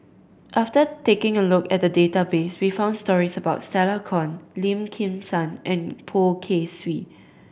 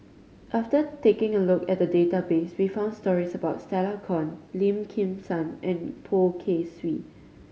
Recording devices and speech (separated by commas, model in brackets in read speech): boundary microphone (BM630), mobile phone (Samsung C5010), read sentence